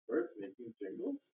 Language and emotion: English, surprised